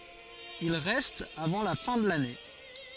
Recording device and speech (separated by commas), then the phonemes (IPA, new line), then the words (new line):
forehead accelerometer, read sentence
il ʁɛst avɑ̃ la fɛ̃ də lane
Il reste avant la fin de l'année.